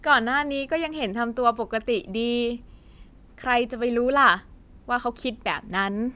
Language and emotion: Thai, happy